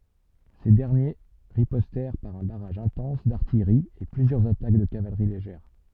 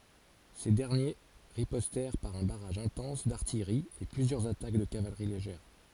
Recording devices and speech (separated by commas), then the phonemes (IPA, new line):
soft in-ear microphone, forehead accelerometer, read sentence
se dɛʁnje ʁipɔstɛʁ paʁ œ̃ baʁaʒ ɛ̃tɑ̃s daʁtijʁi e plyzjœʁz atak də kavalʁi leʒɛʁ